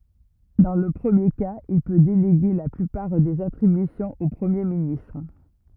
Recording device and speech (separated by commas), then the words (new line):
rigid in-ear microphone, read sentence
Dans le premier cas, il peut déléguer la plupart des attributions au Premier ministre.